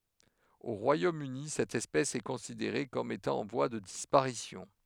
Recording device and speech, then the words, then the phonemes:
headset microphone, read sentence
Au Royaume-Uni, cette espèce est considérée comme étant en voie de disparition.
o ʁwajomøni sɛt ɛspɛs ɛ kɔ̃sideʁe kɔm etɑ̃ ɑ̃ vwa də dispaʁisjɔ̃

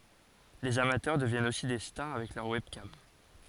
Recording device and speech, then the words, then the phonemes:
forehead accelerometer, read sentence
Les amateurs deviennent aussi des stars avec leur webcam.
lez amatœʁ dəvjɛnt osi de staʁ avɛk lœʁ wɛbkam

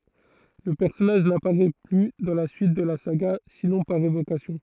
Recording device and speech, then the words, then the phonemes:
throat microphone, read sentence
Le personnage n'apparait plus dans la suite de la saga, sinon par évocations.
lə pɛʁsɔnaʒ napaʁɛ ply dɑ̃ la syit də la saɡa sinɔ̃ paʁ evokasjɔ̃

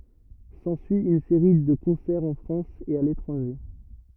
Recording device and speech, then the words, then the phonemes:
rigid in-ear microphone, read sentence
S'ensuit une série de concerts en France et à l'étranger.
sɑ̃syi yn seʁi də kɔ̃sɛʁz ɑ̃ fʁɑ̃s e a letʁɑ̃ʒe

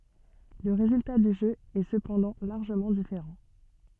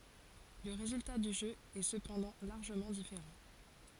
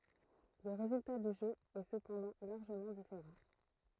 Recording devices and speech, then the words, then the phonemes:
soft in-ear microphone, forehead accelerometer, throat microphone, read sentence
Le résultat du jeu est cependant largement différent.
lə ʁezylta dy ʒø ɛ səpɑ̃dɑ̃ laʁʒəmɑ̃ difeʁɑ̃

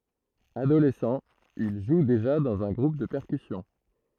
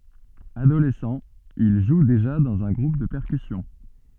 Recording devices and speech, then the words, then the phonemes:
throat microphone, soft in-ear microphone, read sentence
Adolescent, il joue déjà dans un groupe de percussions.
adolɛsɑ̃ il ʒu deʒa dɑ̃z œ̃ ɡʁup də pɛʁkysjɔ̃

